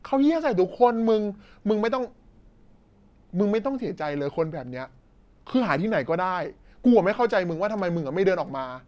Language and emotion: Thai, frustrated